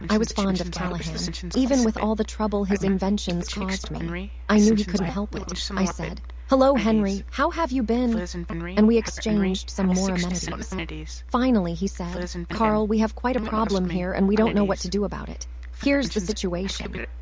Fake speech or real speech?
fake